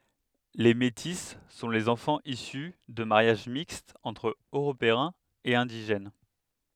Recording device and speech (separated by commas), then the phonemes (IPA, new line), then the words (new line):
headset microphone, read sentence
le meti sɔ̃ lez ɑ̃fɑ̃z isy də maʁjaʒ mikstz ɑ̃tʁ øʁopeɛ̃z e ɛ̃diʒɛn
Les métis sont les enfants issus de mariages mixtes entre Européens et indigènes.